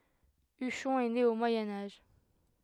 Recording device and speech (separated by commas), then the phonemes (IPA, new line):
headset microphone, read sentence
yʃɔ̃ ɛ ne o mwajɛ̃ aʒ